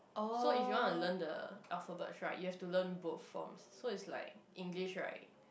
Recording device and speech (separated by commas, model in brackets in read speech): boundary microphone, conversation in the same room